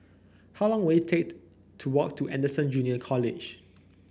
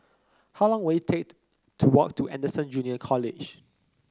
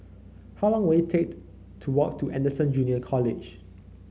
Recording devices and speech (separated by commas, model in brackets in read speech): boundary microphone (BM630), close-talking microphone (WH30), mobile phone (Samsung C9), read sentence